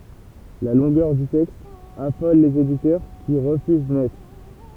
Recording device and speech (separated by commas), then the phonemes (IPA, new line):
temple vibration pickup, read sentence
la lɔ̃ɡœʁ dy tɛkst afɔl lez editœʁ ki ʁəfyz nɛt